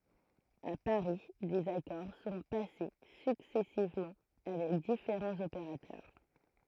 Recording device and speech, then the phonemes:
throat microphone, read sentence
a paʁi dez akɔʁ sɔ̃ pase syksɛsivmɑ̃ avɛk difeʁɑ̃z opeʁatœʁ

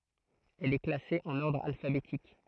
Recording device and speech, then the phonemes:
throat microphone, read sentence
ɛl ɛ klase ɑ̃n ɔʁdʁ alfabetik

